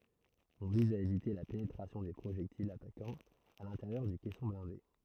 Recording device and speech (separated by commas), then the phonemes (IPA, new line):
throat microphone, read sentence
ɔ̃ viz a evite la penetʁasjɔ̃ de pʁoʒɛktilz atakɑ̃z a lɛ̃teʁjœʁ dy kɛsɔ̃ blɛ̃de